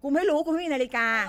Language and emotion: Thai, angry